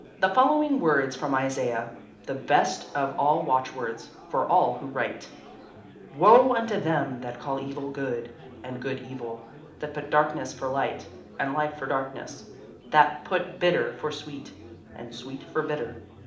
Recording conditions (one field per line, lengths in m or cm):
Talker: one person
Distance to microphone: 2.0 m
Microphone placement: close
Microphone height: 99 cm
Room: medium-sized (5.7 m by 4.0 m)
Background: babble